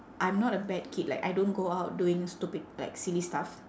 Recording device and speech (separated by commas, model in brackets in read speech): standing microphone, conversation in separate rooms